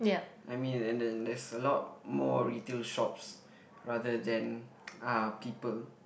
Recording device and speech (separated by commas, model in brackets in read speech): boundary microphone, conversation in the same room